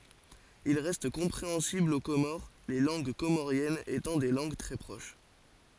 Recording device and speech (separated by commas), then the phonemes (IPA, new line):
forehead accelerometer, read sentence
il ʁɛst kɔ̃pʁeɑ̃sibl o komoʁ le lɑ̃ɡ komoʁjɛnz etɑ̃ de lɑ̃ɡ tʁɛ pʁoʃ